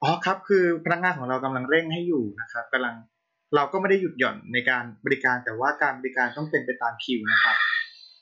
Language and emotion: Thai, neutral